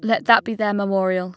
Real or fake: real